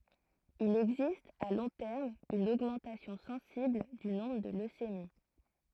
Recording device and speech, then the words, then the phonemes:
throat microphone, read sentence
Il existe, à long terme, une augmentation sensible du nombre de leucémies.
il ɛɡzist a lɔ̃ tɛʁm yn oɡmɑ̃tasjɔ̃ sɑ̃sibl dy nɔ̃bʁ də løsemi

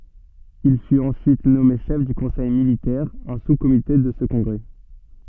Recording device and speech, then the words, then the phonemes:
soft in-ear microphone, read sentence
Il fut ensuite nommé chef du conseil militaire, un sous-comité de ce congrès.
il fyt ɑ̃syit nɔme ʃɛf dy kɔ̃sɛj militɛʁ œ̃ suskomite də sə kɔ̃ɡʁɛ

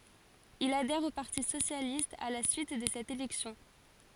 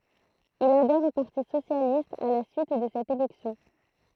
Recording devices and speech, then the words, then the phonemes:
forehead accelerometer, throat microphone, read sentence
Il adhère au Parti socialiste à la suite de cette élection.
il adɛʁ o paʁti sosjalist a la syit də sɛt elɛksjɔ̃

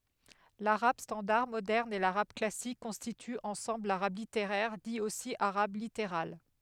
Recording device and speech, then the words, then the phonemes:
headset microphone, read sentence
L'arabe standard moderne et l'arabe classique constituent ensemble l'arabe littéraire, dit aussi arabe littéral.
laʁab stɑ̃daʁ modɛʁn e laʁab klasik kɔ̃stityt ɑ̃sɑ̃bl laʁab liteʁɛʁ di osi aʁab liteʁal

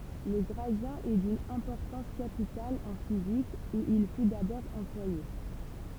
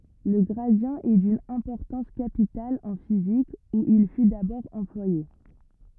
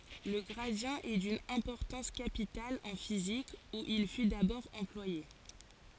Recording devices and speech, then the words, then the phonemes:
temple vibration pickup, rigid in-ear microphone, forehead accelerometer, read sentence
Le gradient est d'une importance capitale en physique, où il fut d'abord employé.
lə ɡʁadi ɛ dyn ɛ̃pɔʁtɑ̃s kapital ɑ̃ fizik u il fy dabɔʁ ɑ̃plwaje

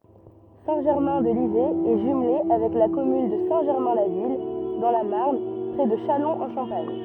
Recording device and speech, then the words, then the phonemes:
rigid in-ear microphone, read sentence
Saint-Germain-de-Livet est jumelée avec la commune de Saint-Germain-la-Ville dans la Marne près de Châlons-en-Champagne.
sɛ̃ ʒɛʁmɛ̃ də livɛ ɛ ʒymle avɛk la kɔmyn də sɛ̃ ʒɛʁmɛ̃ la vil dɑ̃ la maʁn pʁɛ də ʃalɔ̃z ɑ̃ ʃɑ̃paɲ

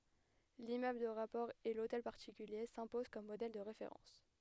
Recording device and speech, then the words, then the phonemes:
headset microphone, read sentence
L'immeuble de rapport et l'hôtel particulier s'imposent comme modèles de référence.
limmøbl də ʁapɔʁ e lotɛl paʁtikylje sɛ̃pozɑ̃ kɔm modɛl də ʁefeʁɑ̃s

